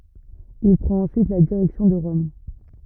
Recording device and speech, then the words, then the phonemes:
rigid in-ear microphone, read sentence
Il prend ensuite la direction de Rome.
il pʁɑ̃t ɑ̃syit la diʁɛksjɔ̃ də ʁɔm

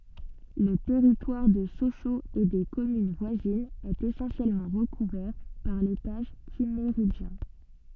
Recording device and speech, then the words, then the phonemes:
soft in-ear microphone, read sentence
Le territoire de Sochaux et des communes voisines est essentiellement recouvert par l'étage Kimméridgien.
lə tɛʁitwaʁ də soʃoz e de kɔmyn vwazinz ɛt esɑ̃sjɛlmɑ̃ ʁəkuvɛʁ paʁ letaʒ kimmeʁidʒjɛ̃

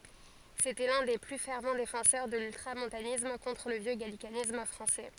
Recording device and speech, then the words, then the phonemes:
forehead accelerometer, read sentence
C'était l'un des plus fervents défenseurs de l'ultramontanisme contre le vieux gallicanisme français.
setɛ lœ̃ de ply fɛʁv defɑ̃sœʁ də lyltʁamɔ̃tanism kɔ̃tʁ lə vjø ɡalikanism fʁɑ̃sɛ

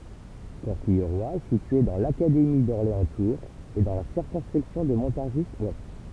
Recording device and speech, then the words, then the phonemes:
temple vibration pickup, read sentence
Corquilleroy est située dans l'académie d'Orléans-Tours et dans la circonscription de Montargis-ouest.
kɔʁkijʁwa ɛ sitye dɑ̃ lakademi dɔʁleɑ̃stuʁz e dɑ̃ la siʁkɔ̃skʁipsjɔ̃ də mɔ̃taʁʒizwɛst

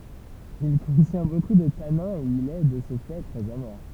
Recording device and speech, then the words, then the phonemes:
temple vibration pickup, read sentence
Il contient beaucoup de tanins et il est, de ce fait, très amer.
il kɔ̃tjɛ̃ boku də tanɛ̃z e il ɛ də sə fɛ tʁɛz ame

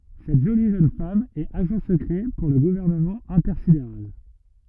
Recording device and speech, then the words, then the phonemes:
rigid in-ear microphone, read sentence
Cette jolie jeune femme est agent secret pour le Gouvernement intersidéral.
sɛt ʒoli ʒøn fam ɛt aʒɑ̃ səkʁɛ puʁ lə ɡuvɛʁnəmɑ̃ ɛ̃tɛʁsideʁal

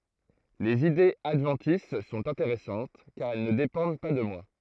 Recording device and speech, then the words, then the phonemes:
throat microphone, read sentence
Les idées adventices sont intéressantes, car elles ne dépendent pas de moi.
lez idez advɑ̃tis sɔ̃t ɛ̃teʁɛsɑ̃t kaʁ ɛl nə depɑ̃d pa də mwa

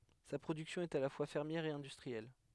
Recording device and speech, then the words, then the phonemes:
headset microphone, read sentence
Sa production est à la fois fermière et industrielle.
sa pʁodyksjɔ̃ ɛt a la fwa fɛʁmjɛʁ e ɛ̃dystʁiɛl

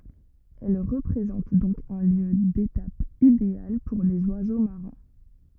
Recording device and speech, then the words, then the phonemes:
rigid in-ear microphone, read sentence
Elle représente donc un lieu d’étape idéal pour les oiseaux marins.
ɛl ʁəpʁezɑ̃t dɔ̃k œ̃ ljø detap ideal puʁ lez wazo maʁɛ̃

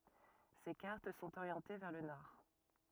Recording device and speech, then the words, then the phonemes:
rigid in-ear microphone, read sentence
Ses cartes sont orientées vers le nord.
se kaʁt sɔ̃t oʁjɑ̃te vɛʁ lə nɔʁ

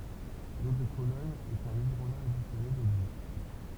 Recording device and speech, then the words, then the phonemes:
temple vibration pickup, read sentence
L'eau de Cologne est un hydrolat additionné d'eau-de-vie.
lo də kolɔɲ ɛt œ̃n idʁola adisjɔne dodvi

